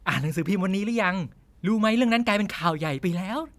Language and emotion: Thai, happy